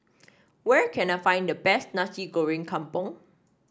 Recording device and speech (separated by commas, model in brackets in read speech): standing microphone (AKG C214), read sentence